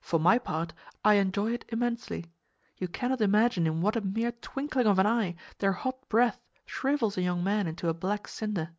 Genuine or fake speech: genuine